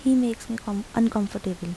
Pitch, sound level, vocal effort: 220 Hz, 79 dB SPL, soft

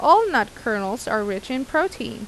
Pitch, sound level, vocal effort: 245 Hz, 87 dB SPL, normal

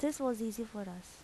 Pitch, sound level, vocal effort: 225 Hz, 80 dB SPL, soft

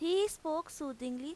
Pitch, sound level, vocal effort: 315 Hz, 89 dB SPL, loud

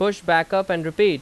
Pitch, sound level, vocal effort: 190 Hz, 92 dB SPL, very loud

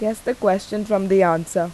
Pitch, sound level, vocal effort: 195 Hz, 85 dB SPL, normal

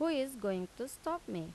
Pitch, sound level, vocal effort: 245 Hz, 85 dB SPL, normal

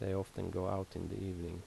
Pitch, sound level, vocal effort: 95 Hz, 76 dB SPL, soft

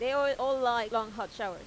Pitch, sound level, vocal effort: 250 Hz, 94 dB SPL, loud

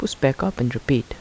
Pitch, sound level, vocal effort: 135 Hz, 77 dB SPL, soft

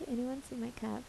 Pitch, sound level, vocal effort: 240 Hz, 74 dB SPL, soft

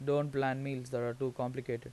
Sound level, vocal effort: 80 dB SPL, normal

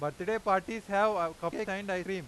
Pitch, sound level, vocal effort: 190 Hz, 98 dB SPL, loud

